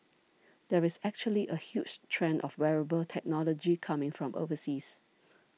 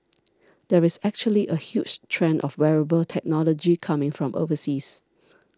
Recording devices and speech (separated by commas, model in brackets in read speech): mobile phone (iPhone 6), standing microphone (AKG C214), read sentence